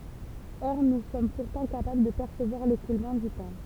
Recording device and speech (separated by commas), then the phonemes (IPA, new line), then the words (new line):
temple vibration pickup, read sentence
ɔʁ nu sɔm puʁtɑ̃ kapabl də pɛʁsəvwaʁ lekulmɑ̃ dy tɑ̃
Or nous sommes pourtant capables de percevoir l'écoulement du temps.